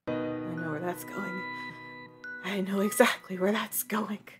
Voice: Dastardly voice